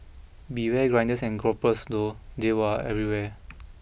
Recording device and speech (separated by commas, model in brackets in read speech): boundary microphone (BM630), read sentence